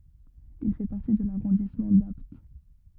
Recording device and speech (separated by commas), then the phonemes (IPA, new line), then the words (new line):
rigid in-ear microphone, read sentence
il fɛ paʁti də laʁɔ̃dismɑ̃ dapt
Il fait partie de l'arrondissement d'Apt.